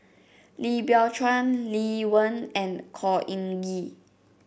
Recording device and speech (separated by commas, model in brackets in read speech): boundary microphone (BM630), read sentence